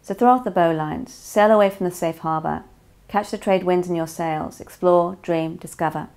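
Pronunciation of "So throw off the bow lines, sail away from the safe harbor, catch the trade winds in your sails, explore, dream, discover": The whole quote is read without pauses and without inflection to mark the beginning or end, and no words are emphasized.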